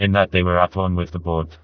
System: TTS, vocoder